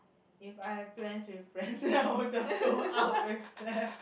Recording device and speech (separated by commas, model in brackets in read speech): boundary microphone, conversation in the same room